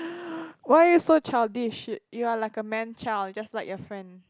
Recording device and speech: close-talking microphone, conversation in the same room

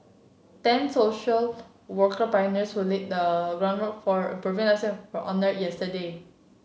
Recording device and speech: mobile phone (Samsung C7), read sentence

